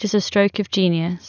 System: none